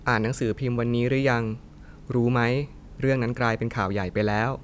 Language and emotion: Thai, neutral